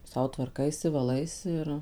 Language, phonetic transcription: Lithuanian, ˈsau tvarˈkaisi vaˈlaisi ir

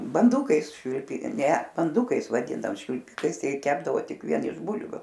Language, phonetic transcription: Lithuanian, banˈdukais švilˈpi ˈne banˈdukais vaˈdindaom švilˈpikais tei ˈkepdavo ˈtik vien iš ˈbulviu

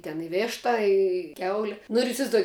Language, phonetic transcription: Lithuanian, ten i ˈvėšta i ˈkiauli nu ir isivaizˈduoji

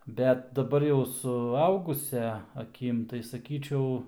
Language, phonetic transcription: Lithuanian, ˈbet daˈbar jau suˈaugusia aˈkim tai saˈkyčiau

